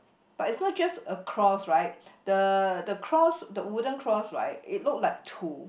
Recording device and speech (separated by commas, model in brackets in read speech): boundary microphone, conversation in the same room